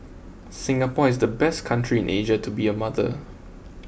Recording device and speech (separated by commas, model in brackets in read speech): boundary microphone (BM630), read sentence